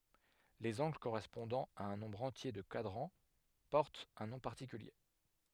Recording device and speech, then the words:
headset microphone, read sentence
Les angles correspondant à un nombre entier de quadrants portent un nom particulier.

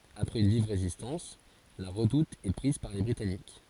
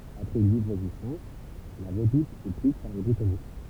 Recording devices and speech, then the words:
forehead accelerometer, temple vibration pickup, read sentence
Après une vive résistance, la redoute est prise par les Britanniques.

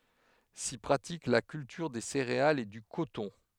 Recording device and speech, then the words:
headset microphone, read sentence
S'y pratique la culture des céréales et du coton.

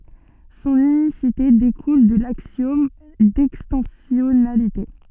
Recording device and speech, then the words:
soft in-ear microphone, read sentence
Son unicité découle de l'axiome d'extensionnalité.

